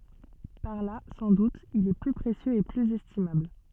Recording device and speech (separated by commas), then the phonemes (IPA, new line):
soft in-ear microphone, read sentence
paʁ la sɑ̃ dut il ɛ ply pʁesjøz e plyz ɛstimabl